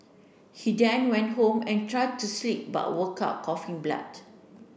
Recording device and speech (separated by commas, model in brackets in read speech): boundary microphone (BM630), read sentence